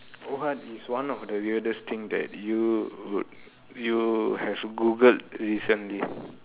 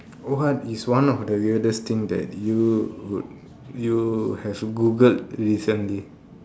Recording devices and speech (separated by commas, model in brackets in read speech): telephone, standing microphone, conversation in separate rooms